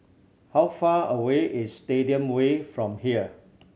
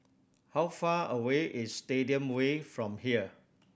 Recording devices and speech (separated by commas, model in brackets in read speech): mobile phone (Samsung C7100), boundary microphone (BM630), read sentence